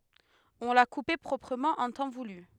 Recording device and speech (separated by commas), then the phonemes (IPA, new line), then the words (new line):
headset microphone, read sentence
ɔ̃ la kupe pʁɔpʁəmɑ̃ ɑ̃ tɑ̃ vuly
On l’a coupé proprement en temps voulu.